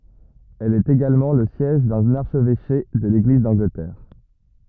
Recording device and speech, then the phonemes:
rigid in-ear microphone, read sentence
ɛl ɛt eɡalmɑ̃ lə sjɛʒ dœ̃n aʁʃvɛʃe də leɡliz dɑ̃ɡlətɛʁ

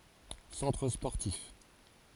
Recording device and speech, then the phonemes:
forehead accelerometer, read sentence
sɑ̃tʁ spɔʁtif

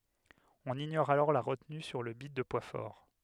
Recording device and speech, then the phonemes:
headset microphone, read sentence
ɔ̃n iɲɔʁ alɔʁ la ʁətny syʁ lə bit də pwa fɔʁ

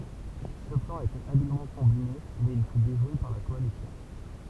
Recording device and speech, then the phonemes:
temple vibration pickup, read sentence
sə plɑ̃ etɛt abilmɑ̃ kɔ̃bine mɛz il fy deʒwe paʁ la kɔalisjɔ̃

